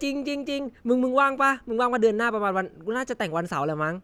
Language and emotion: Thai, happy